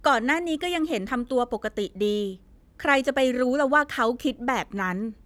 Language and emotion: Thai, frustrated